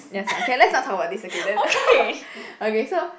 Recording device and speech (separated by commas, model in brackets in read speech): boundary microphone, conversation in the same room